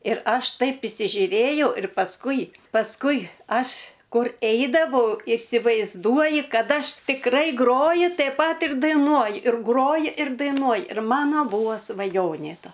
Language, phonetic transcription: Lithuanian, ir ˈaš ˈtaip isižiuˈrėjau ir pasˈkui pasˈkui ˈaš ˈkur ˈeidavau isivaizˈduoji ˈkad ˈaš tikˈrai ˈgroji taip ˈpat ir daiˈnuoji ir ˈgroji ir daiˈnuoj ir ˈmano ˈbūvo svaˈjonė ˈta

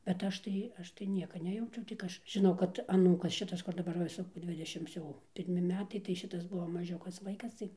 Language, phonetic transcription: Lithuanian, bet ˈaš tai ˈaš tai ˈnieka ˈnejaučiau tik ˈaš žiˈnau kad aˈnūkas ˈšitas kur daˈbar ˈva ˈsu ˈdvidešims jau pirˈmi ˈmetai tai ˈšitas ˈbuvo maˈžiukas ˈvaikas ˈtai

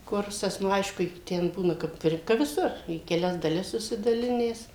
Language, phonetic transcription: Lithuanian, ˈkursas nu ˈaišku i ˈten ˈbūna kap ˈir ka viˈsur į keˈlias daˈlis susidaˈlinęs

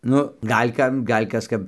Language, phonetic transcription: Lithuanian, ˈnu ˈgal' ˈkam ˈgal' ˈkas ˈkap

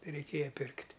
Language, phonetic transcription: Lithuanian, reiˈkėja ˈpirkt'

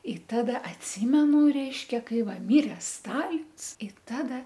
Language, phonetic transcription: Lithuanian, i ˈtada atˈsymenu ˈreiškia ˈkai ˈva ˈmire ˈstalins i ˈtada

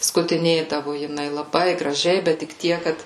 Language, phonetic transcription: Lithuanian, skutiˈnėdavo jiˈnai laˈbai graˈžiai bet tik ˈtiek ˈkad

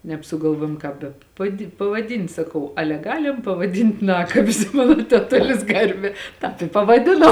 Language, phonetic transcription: Lithuanian, nebsugalˈvuojom ˈkāp be paˈdi pavaˈdin't' saˈkau ˈale ˈgalim pavaˈdin't' ˈnakabis ˈmano teˈtulis ˈgarbē ˈtāp i pavaˈdino

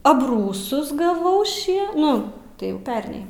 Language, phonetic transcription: Lithuanian, abˈrūsus gaˈvau ˈšie ˈnu tai jau ˈperniai

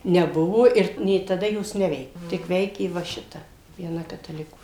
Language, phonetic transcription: Lithuanian, neˈbuvo ˈir nė taˈda ˈjos ˈneveike tik ˈveikė va ˈšita vieˈna kataˈlikų

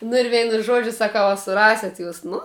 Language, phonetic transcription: Lithuanian, nu ir ˈveinu ˈžuodžiu saˈkau a suˈraset jūs ˈnu

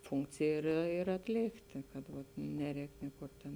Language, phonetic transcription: Lithuanian, ˈfunkcėj ir ir atˈlėktė kad vat ˈneˌrēk ˈniekur ˈtėn

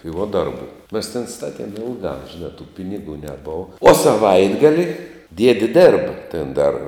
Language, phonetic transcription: Lithuanian, tai vuo ˈdarˌbu mes tėn ˈstatiem ˈilgā žiˈnā tų ˈpinigų neˈbova o saˈvaitgali ˈdiedi ˈdėrba ˈtėn ˈdar

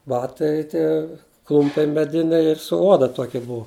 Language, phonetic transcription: Lithuanian, ˈbatai ˈtie ˈklumpiai meˈdiniai ir su ˈoda ˈtoki ˈbua

